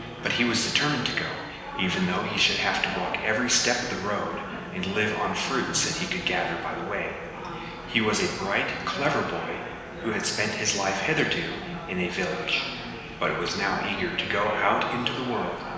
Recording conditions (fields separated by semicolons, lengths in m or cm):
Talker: one person; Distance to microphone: 1.7 m; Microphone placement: close; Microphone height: 1.0 m; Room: very reverberant, large; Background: babble